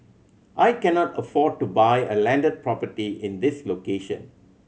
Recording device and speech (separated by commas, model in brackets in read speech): mobile phone (Samsung C7100), read sentence